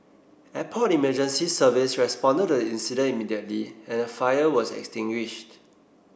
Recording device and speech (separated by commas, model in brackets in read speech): boundary microphone (BM630), read sentence